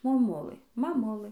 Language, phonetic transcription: Lithuanian, moˈmulɘ maˈmulɘ

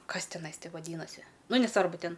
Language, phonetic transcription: Lithuanian, ˈkas tiˈnai ˈti vaˈdynasi ˈnu neˈsvarbu ˈten

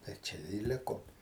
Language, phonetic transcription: Lithuanian, tai ˈčia i ˈlikom

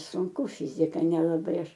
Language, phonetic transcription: Lithuanian, sunˈku ˈfizika nelaˈbai ˈaš

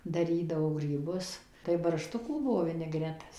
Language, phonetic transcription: Lithuanian, daˈrydavo gryˈbus tai barˈštukų ˈbuvo viniˈgretas

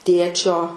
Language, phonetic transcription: Lithuanian, ˈtėčio

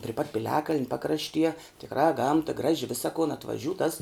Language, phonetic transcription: Lithuanian, pri pat piˈliakaln' ˈpakraštie tikˈrā ˈgamta ˈgraži ˈvisa kun atvaˈžiū tas

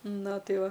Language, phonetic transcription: Lithuanian, ˈna ˈtai ˈva

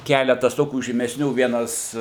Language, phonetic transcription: Lithuanian, ˈkeletas ˈtokių žymesˈnių ˈvienas

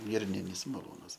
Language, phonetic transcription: Lithuanian, ˈgirninis maˈlūnas

